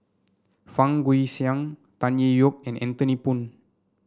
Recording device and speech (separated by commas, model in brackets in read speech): standing microphone (AKG C214), read sentence